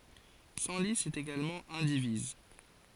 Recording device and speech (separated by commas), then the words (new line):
forehead accelerometer, read sentence
Senlis est également indivise.